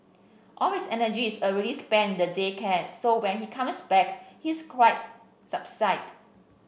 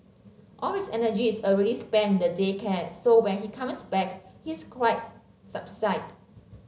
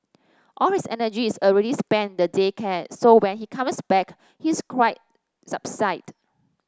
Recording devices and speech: boundary microphone (BM630), mobile phone (Samsung C7), standing microphone (AKG C214), read sentence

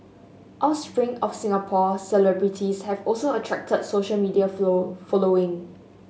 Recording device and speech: mobile phone (Samsung S8), read sentence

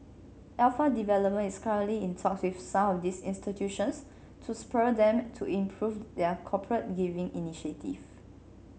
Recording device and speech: mobile phone (Samsung C7), read sentence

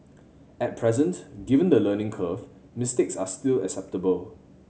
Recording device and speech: mobile phone (Samsung C7100), read sentence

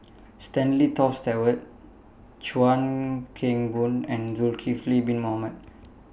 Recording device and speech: boundary microphone (BM630), read sentence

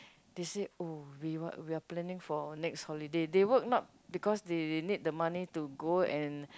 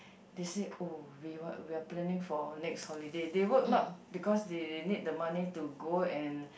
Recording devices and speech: close-talking microphone, boundary microphone, conversation in the same room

